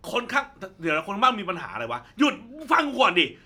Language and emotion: Thai, angry